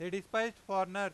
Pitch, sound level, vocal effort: 195 Hz, 101 dB SPL, loud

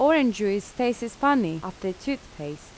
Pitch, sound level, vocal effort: 210 Hz, 85 dB SPL, normal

